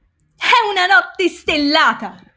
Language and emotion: Italian, happy